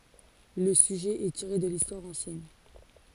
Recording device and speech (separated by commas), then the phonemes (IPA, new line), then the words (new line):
forehead accelerometer, read sentence
lə syʒɛ ɛ tiʁe də listwaʁ ɑ̃sjɛn
Le sujet est tiré de l'histoire ancienne.